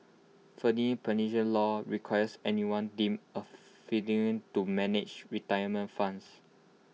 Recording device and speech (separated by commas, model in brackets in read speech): mobile phone (iPhone 6), read sentence